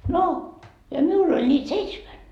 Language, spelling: Finnish, no ja minulla oli niitä seitsemän
- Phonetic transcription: no , ja 'miul ‿oĺ ńiit "seitsmän .

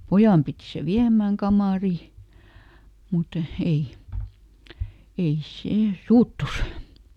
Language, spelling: Finnish, pojan piti se viemään kamariin mutta ei ei se suuttui
- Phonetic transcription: "pojàm piti se ˈviämmääŋ ˈkamàri , mut ˈei , ˈei ˈsè , "suuttus .

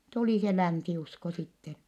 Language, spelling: Finnish, tuli se länsiusko sitten
- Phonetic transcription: tulì se länsi₍usko sitten̬ .

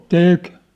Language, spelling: Finnish, teki
- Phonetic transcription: tèk .

